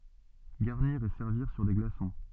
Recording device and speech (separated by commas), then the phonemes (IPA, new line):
soft in-ear microphone, read sentence
ɡaʁniʁ e sɛʁviʁ syʁ de ɡlasɔ̃